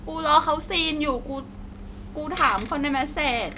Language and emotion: Thai, sad